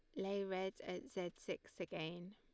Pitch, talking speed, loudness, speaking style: 185 Hz, 170 wpm, -46 LUFS, Lombard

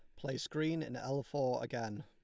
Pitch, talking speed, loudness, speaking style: 135 Hz, 195 wpm, -38 LUFS, Lombard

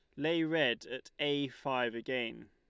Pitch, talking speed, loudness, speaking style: 135 Hz, 155 wpm, -34 LUFS, Lombard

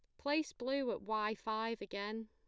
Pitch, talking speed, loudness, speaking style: 220 Hz, 175 wpm, -39 LUFS, plain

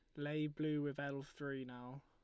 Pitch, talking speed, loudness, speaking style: 140 Hz, 195 wpm, -43 LUFS, Lombard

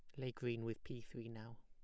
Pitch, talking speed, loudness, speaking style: 115 Hz, 250 wpm, -47 LUFS, plain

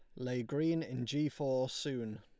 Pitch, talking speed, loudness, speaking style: 130 Hz, 180 wpm, -37 LUFS, Lombard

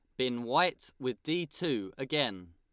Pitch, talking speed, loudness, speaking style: 130 Hz, 155 wpm, -32 LUFS, Lombard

